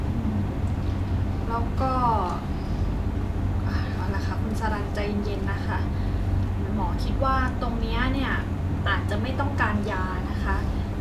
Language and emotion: Thai, neutral